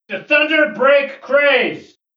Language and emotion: English, neutral